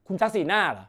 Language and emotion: Thai, angry